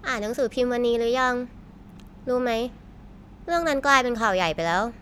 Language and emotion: Thai, neutral